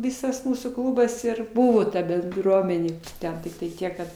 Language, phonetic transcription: Lithuanian, ˈvisas ˈmūsų ˈklūbas ir ˈbuvo ta benˈdruomenė ˈten tiktai ˈtiek kad

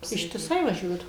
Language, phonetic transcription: Lithuanian, ištiˈsai vaˈžiuodavom

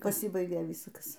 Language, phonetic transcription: Lithuanian, paˈsybaigė ˈvyskas

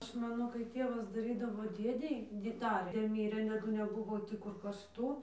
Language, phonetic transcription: Lithuanian, ˈaš ˈmano kai ˈtėvas daˈrydavo ˈdėdei di ˈdarė ˈdė ˈmyrė taˈdu neˈbuvo ˈkur karsˈtų

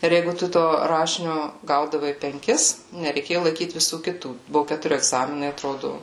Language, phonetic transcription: Lithuanian, ir ˈjeigu ˈtu to ˈrašinio ˈgaudavai penˈkis nereiˈkėju laiˈkyt viˈsų kiˈtų ˈbuvu ketuˈri egˈzaminai atˈrodu

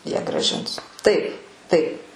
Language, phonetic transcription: Lithuanian, ˈjie grąˈžins ˈtaip ˈtaip

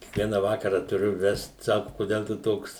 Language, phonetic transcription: Lithuanian, kiekˈviena ˈvakara tuˈriu ˈvest ˈsaku koˈdel tu ˈtoks

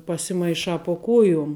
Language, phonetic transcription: Lithuanian, pasimaiˈšā po ˈkuojum

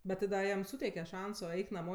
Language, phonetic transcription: Lithuanian, bet ti ˈda ˈjam ˈsūteike ˈšanso ˈeik naˈmo

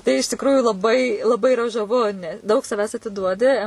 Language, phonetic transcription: Lithuanian, tai iš tikˈrųjų laˈbai laˈbai iˈra žaˈvu ne ˈdaug saˈvęs atiˈduodi

